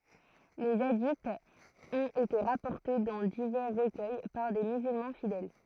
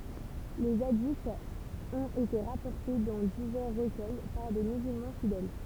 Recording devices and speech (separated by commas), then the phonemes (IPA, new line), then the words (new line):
throat microphone, temple vibration pickup, read sentence
le adiz ɔ̃t ete ʁapɔʁte dɑ̃ divɛʁ ʁəkœj paʁ de myzylmɑ̃ fidɛl
Les hadiths ont été rapportés dans divers recueils par des musulmans fidèles.